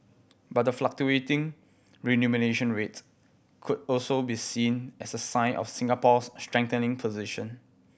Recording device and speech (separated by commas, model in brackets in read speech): boundary microphone (BM630), read sentence